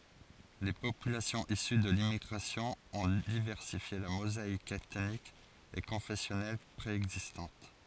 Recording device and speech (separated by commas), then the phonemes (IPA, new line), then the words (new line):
forehead accelerometer, read sentence
le popylasjɔ̃z isy də limmiɡʁasjɔ̃ ɔ̃ divɛʁsifje la mozaik ɛtnik e kɔ̃fɛsjɔnɛl pʁeɛɡzistɑ̃t
Les populations issues de l'immigration ont diversifié la mosaïque ethnique et confessionnelle préexistante.